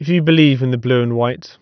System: none